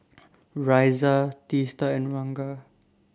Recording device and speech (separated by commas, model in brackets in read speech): standing microphone (AKG C214), read sentence